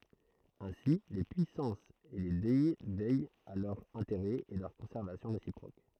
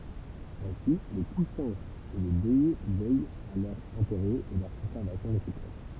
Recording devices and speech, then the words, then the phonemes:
throat microphone, temple vibration pickup, read sentence
Ainsi les Puissances et les deys veillent à leurs intérêts et leur conservation réciproque.
ɛ̃si le pyisɑ̃sz e le dɛ vɛjt a lœʁz ɛ̃teʁɛz e lœʁ kɔ̃sɛʁvasjɔ̃ ʁesipʁok

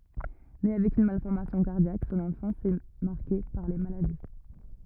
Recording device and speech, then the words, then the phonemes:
rigid in-ear microphone, read sentence
Né avec une malformation cardiaque, son enfance est marquée par les maladies.
ne avɛk yn malfɔʁmasjɔ̃ kaʁdjak sɔ̃n ɑ̃fɑ̃s ɛ maʁke paʁ le maladi

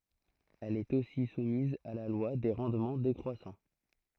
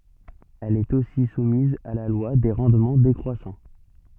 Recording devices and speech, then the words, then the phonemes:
throat microphone, soft in-ear microphone, read sentence
Elle est aussi soumise à la loi des rendements décroissants.
ɛl ɛt osi sumiz a la lwa de ʁɑ̃dmɑ̃ dekʁwasɑ̃

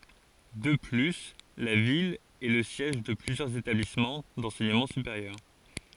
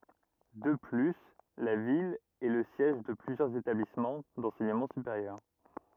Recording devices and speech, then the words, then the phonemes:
forehead accelerometer, rigid in-ear microphone, read sentence
De plus, la ville est le siège de plusieurs établissements d’enseignement supérieur.
də ply la vil ɛ lə sjɛʒ də plyzjœʁz etablismɑ̃ dɑ̃sɛɲəmɑ̃ sypeʁjœʁ

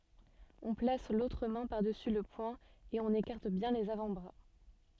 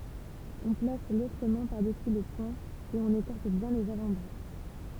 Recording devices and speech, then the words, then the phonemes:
soft in-ear microphone, temple vibration pickup, read sentence
On place l'autre main par-dessus le poing, et on écarte bien les avant-bras.
ɔ̃ plas lotʁ mɛ̃ paʁdəsy lə pwɛ̃ e ɔ̃n ekaʁt bjɛ̃ lez avɑ̃tbʁa

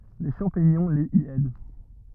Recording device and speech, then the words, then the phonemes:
rigid in-ear microphone, read sentence
Les champignons les y aident.
le ʃɑ̃piɲɔ̃ lez i ɛd

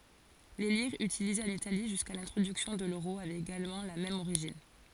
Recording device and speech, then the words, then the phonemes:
forehead accelerometer, read sentence
Les lires utilisées en Italie jusqu'à l'introduction de l'euro avaient également la même origine.
le liʁz ytilizez ɑ̃n itali ʒyska lɛ̃tʁodyksjɔ̃ də løʁo avɛt eɡalmɑ̃ la mɛm oʁiʒin

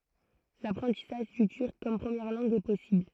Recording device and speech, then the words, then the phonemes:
throat microphone, read sentence
L'apprentissage du turc comme première langue est possible.
lapʁɑ̃tisaʒ dy tyʁk kɔm pʁəmjɛʁ lɑ̃ɡ ɛ pɔsibl

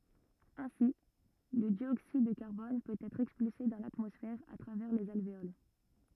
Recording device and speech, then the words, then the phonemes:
rigid in-ear microphone, read sentence
Ainsi, le dioxyde de carbone peut être expulsé dans l'atmosphère à travers les alvéoles.
ɛ̃si lə djoksid də kaʁbɔn pøt ɛtʁ ɛkspylse dɑ̃ latmɔsfɛʁ a tʁavɛʁ lez alveol

